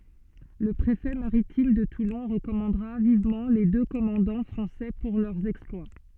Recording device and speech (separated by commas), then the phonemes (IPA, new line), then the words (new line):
soft in-ear microphone, read sentence
lə pʁefɛ maʁitim də tulɔ̃ ʁəkɔmɑ̃dʁa vivmɑ̃ le dø kɔmɑ̃dɑ̃ fʁɑ̃sɛ puʁ lœʁ ɛksplwa
Le préfet maritime de Toulon recommandera vivement les deux commandants français pour leur exploit.